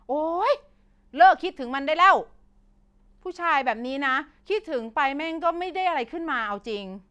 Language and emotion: Thai, frustrated